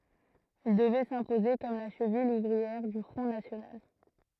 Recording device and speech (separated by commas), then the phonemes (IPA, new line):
throat microphone, read sentence
il dəvɛ sɛ̃poze kɔm la ʃəvil uvʁiɛʁ dy fʁɔ̃ nasjonal